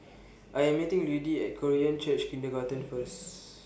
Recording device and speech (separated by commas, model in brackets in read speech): boundary microphone (BM630), read sentence